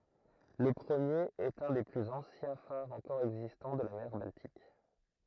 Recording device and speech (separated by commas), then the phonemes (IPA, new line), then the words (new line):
throat microphone, read sentence
lə pʁəmjeʁ ɛt œ̃ de plyz ɑ̃sjɛ̃ faʁz ɑ̃kɔʁ ɛɡzistɑ̃ də la mɛʁ baltik
Le premier est un des plus anciens phares encore existants de la mer Baltique.